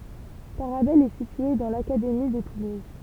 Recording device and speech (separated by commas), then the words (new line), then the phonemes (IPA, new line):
temple vibration pickup, read sentence
Tarabel est située dans l'académie de Toulouse.
taʁabɛl ɛ sitye dɑ̃ lakademi də tuluz